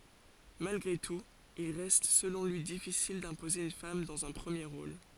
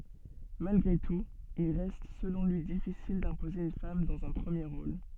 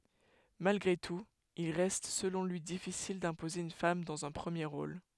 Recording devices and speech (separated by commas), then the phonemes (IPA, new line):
forehead accelerometer, soft in-ear microphone, headset microphone, read sentence
malɡʁe tut il ʁɛst səlɔ̃ lyi difisil dɛ̃poze yn fam dɑ̃z œ̃ pʁəmje ʁol